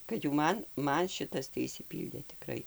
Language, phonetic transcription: Lithuanian, kad jau ˈman ˈman ˈšitas tai išsiˈpyldė tiˈkrai

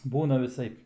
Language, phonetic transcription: Lithuanian, ˈbūna viˈsaip

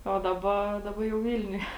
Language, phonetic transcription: Lithuanian, o ˈdaˌba ˈdaˌba jau ˈvilniuje

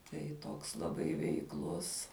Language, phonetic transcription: Lithuanian, tai ˈtoks laˈbai veikˈlus

